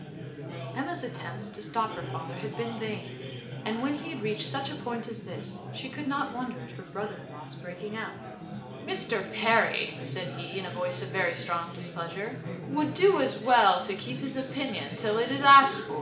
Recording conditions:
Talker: one person; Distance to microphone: 1.8 m; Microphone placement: close; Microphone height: 1.0 m; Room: large; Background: babble

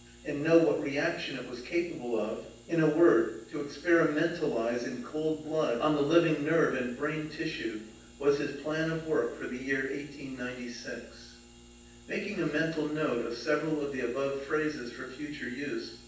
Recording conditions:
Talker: one person; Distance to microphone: 9.8 m; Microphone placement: far; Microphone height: 1.8 m; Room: large; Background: none

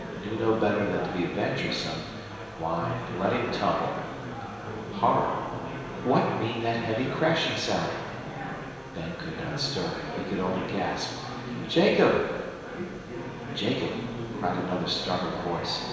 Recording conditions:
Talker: one person; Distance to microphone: 1.7 m; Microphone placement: close; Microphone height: 1.0 m; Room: very reverberant, large; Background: babble

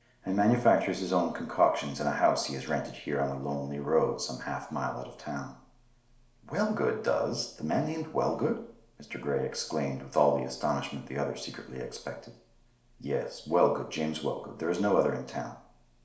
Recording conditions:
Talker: one person; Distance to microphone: 1.0 m; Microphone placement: close; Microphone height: 1.1 m; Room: small (3.7 m by 2.7 m); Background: none

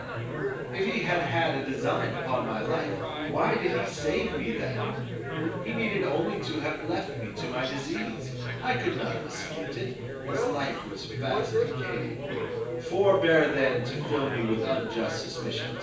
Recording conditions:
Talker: one person; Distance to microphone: 9.8 m; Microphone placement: far; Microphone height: 1.8 m; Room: large; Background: babble

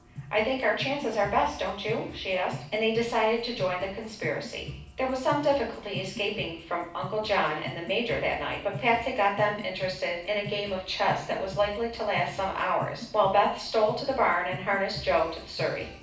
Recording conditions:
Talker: one person; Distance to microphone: 5.8 m; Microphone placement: far; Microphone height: 1.8 m; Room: medium-sized (5.7 m by 4.0 m); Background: music

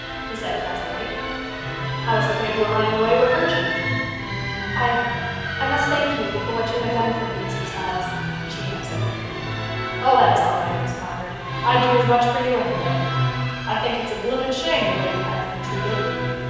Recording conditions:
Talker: one person; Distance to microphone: 7.1 m; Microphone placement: far; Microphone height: 1.7 m; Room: very reverberant, large; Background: music

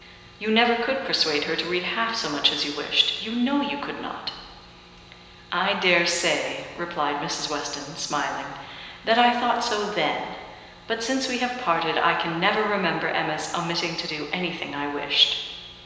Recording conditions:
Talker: one person; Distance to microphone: 1.7 m; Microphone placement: close; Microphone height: 1.0 m; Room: very reverberant, large; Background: none

